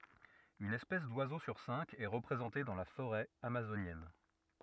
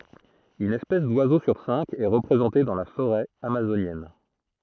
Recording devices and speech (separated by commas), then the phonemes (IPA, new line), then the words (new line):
rigid in-ear microphone, throat microphone, read sentence
yn ɛspɛs dwazo syʁ sɛ̃k ɛ ʁəpʁezɑ̃te dɑ̃ la foʁɛ amazonjɛn
Une espèce d’oiseaux sur cinq est représentée dans la forêt amazonienne.